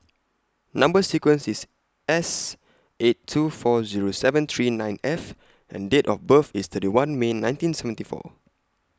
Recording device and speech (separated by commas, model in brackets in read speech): close-talking microphone (WH20), read sentence